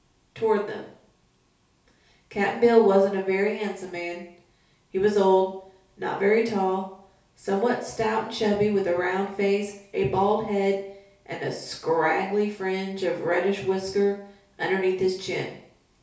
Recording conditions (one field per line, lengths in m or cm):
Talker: one person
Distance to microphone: 3.0 m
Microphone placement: far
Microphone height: 1.8 m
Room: small (3.7 m by 2.7 m)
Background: none